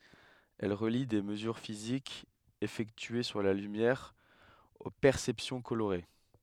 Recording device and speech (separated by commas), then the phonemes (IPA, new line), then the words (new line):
headset microphone, read sentence
ɛl ʁəli de məzyʁ fizikz efɛktye syʁ la lymjɛʁ o pɛʁsɛpsjɔ̃ koloʁe
Elle relie des mesures physiques effectuées sur la lumière aux perceptions colorées.